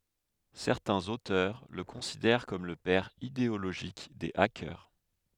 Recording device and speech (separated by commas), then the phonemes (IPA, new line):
headset microphone, read sentence
sɛʁtɛ̃z otœʁ lə kɔ̃sidɛʁ kɔm lə pɛʁ ideoloʒik de akœʁ